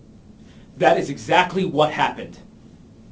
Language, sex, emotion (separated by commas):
English, male, angry